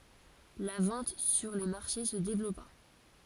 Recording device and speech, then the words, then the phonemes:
forehead accelerometer, read sentence
La vente sur les marchés se développa.
la vɑ̃t syʁ le maʁʃe sə devlɔpa

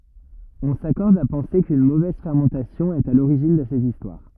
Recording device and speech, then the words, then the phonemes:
rigid in-ear microphone, read sentence
On s'accorde à penser qu'une mauvaise fermentation est à l'origine de ces histoires.
ɔ̃ sakɔʁd a pɑ̃se kyn movɛz fɛʁmɑ̃tasjɔ̃ ɛt a loʁiʒin də sez istwaʁ

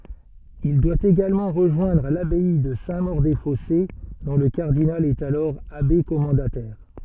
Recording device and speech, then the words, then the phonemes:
soft in-ear microphone, read sentence
Il doit également rejoindre l'abbaye de Saint-Maur-des-Fossés, dont le cardinal est alors abbé commendataire.
il dwa eɡalmɑ̃ ʁəʒwɛ̃dʁ labɛi də sɛ̃ moʁ de fɔse dɔ̃ lə kaʁdinal ɛt alɔʁ abe kɔmɑ̃datɛʁ

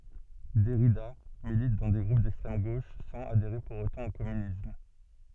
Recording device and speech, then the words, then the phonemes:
soft in-ear microphone, read sentence
Derrida milite dans des groupes d'extrême gauche sans adhérer pour autant au communisme.
dɛʁida milit dɑ̃ de ɡʁup dɛkstʁɛm ɡoʃ sɑ̃z adeʁe puʁ otɑ̃ o kɔmynism

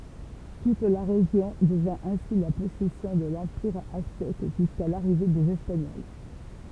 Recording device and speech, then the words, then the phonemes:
temple vibration pickup, read sentence
Toute la région devint ainsi la possession de l'empire aztèque jusqu'à l'arrivée des espagnols.
tut la ʁeʒjɔ̃ dəvɛ̃ ɛ̃si la pɔsɛsjɔ̃ də lɑ̃piʁ aztɛk ʒyska laʁive dez ɛspaɲɔl

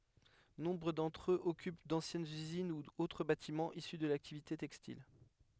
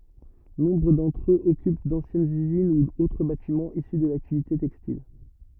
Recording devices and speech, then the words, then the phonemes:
headset microphone, rigid in-ear microphone, read sentence
Nombre d'entre eux occupent d'anciennes usines ou autres bâtiments issus de l'activité textile.
nɔ̃bʁ dɑ̃tʁ øz ɔkyp dɑ̃sjɛnz yzin u otʁ batimɑ̃z isy də laktivite tɛkstil

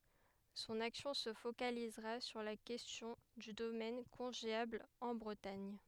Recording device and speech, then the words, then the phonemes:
headset microphone, read sentence
Son action se focalisera sur la question du domaine congéable en Bretagne.
sɔ̃n aksjɔ̃ sə fokalizʁa syʁ la kɛstjɔ̃ dy domɛn kɔ̃ʒeabl ɑ̃ bʁətaɲ

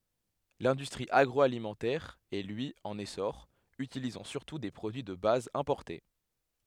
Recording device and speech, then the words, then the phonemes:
headset microphone, read sentence
L'industrie agroalimentaire est lui en essor, utilisant surtout des produits de base importés.
lɛ̃dystʁi aɡʁɔalimɑ̃tɛʁ ɛ lyi ɑ̃n esɔʁ ytilizɑ̃ syʁtu de pʁodyi də baz ɛ̃pɔʁte

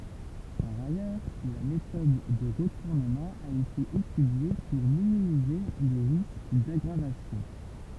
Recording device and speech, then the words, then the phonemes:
temple vibration pickup, read sentence
Par ailleurs, la méthode de retournement a été étudiée pour minimiser les risques d'aggravation.
paʁ ajœʁ la metɔd də ʁətuʁnəmɑ̃ a ete etydje puʁ minimize le ʁisk daɡʁavasjɔ̃

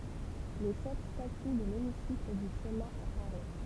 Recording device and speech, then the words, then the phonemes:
temple vibration pickup, read sentence
Les sept statues de l'hémicycle du Sénat à Paris.
le sɛt staty də lemisikl dy sena a paʁi

